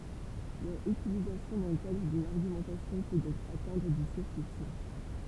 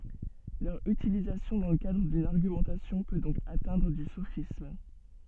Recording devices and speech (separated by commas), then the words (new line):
temple vibration pickup, soft in-ear microphone, read sentence
Leur utilisation dans le cadre d’une argumentation peut donc atteindre au sophisme.